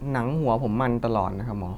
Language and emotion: Thai, neutral